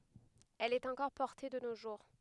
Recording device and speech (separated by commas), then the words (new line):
headset microphone, read sentence
Elle est encore portée de nos jours.